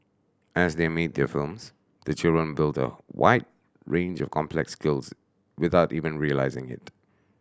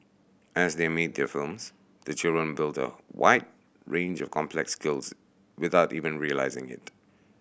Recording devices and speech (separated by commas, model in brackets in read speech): standing microphone (AKG C214), boundary microphone (BM630), read sentence